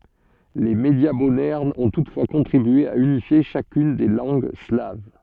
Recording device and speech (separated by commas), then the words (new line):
soft in-ear microphone, read sentence
Les médias modernes ont toutefois contribué à unifier chacune des langues slaves.